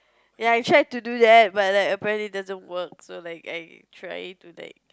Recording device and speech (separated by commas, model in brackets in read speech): close-talking microphone, conversation in the same room